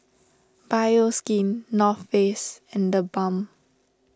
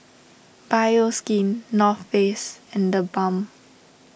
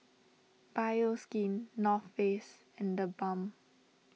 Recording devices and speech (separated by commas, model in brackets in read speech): standing microphone (AKG C214), boundary microphone (BM630), mobile phone (iPhone 6), read sentence